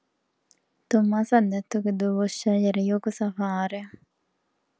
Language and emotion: Italian, neutral